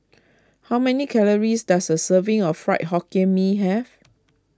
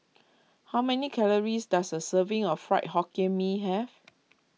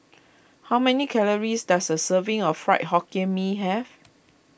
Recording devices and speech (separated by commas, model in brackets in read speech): close-talking microphone (WH20), mobile phone (iPhone 6), boundary microphone (BM630), read sentence